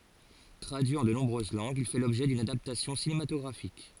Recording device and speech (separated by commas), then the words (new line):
forehead accelerometer, read sentence
Traduit en de nombreuses langues, il fait l'objet d'une adaptation cinématographique.